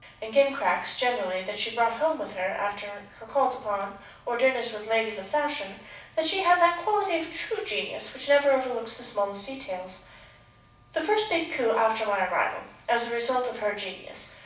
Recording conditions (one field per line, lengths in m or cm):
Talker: one person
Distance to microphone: 5.8 m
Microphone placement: far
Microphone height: 1.8 m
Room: medium-sized (5.7 m by 4.0 m)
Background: none